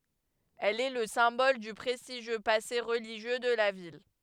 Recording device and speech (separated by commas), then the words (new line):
headset microphone, read sentence
Elle est le symbole du prestigieux passé religieux de la ville.